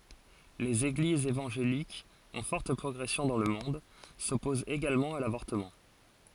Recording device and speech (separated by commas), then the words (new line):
forehead accelerometer, read sentence
Les Églises évangéliques, en forte progression dans le monde, s'opposent également à l'avortement.